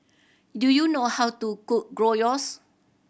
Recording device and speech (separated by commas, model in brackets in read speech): boundary microphone (BM630), read sentence